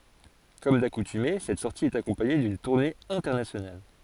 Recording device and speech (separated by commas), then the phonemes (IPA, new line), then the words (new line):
forehead accelerometer, read sentence
kɔm dakutyme sɛt sɔʁti ɛt akɔ̃paɲe dyn tuʁne ɛ̃tɛʁnasjonal
Comme d'accoutumée, cette sortie est accompagnée d'une tournée internationale.